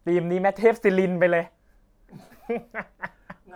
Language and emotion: Thai, happy